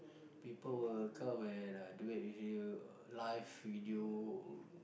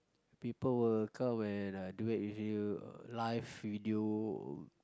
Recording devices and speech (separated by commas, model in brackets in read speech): boundary microphone, close-talking microphone, conversation in the same room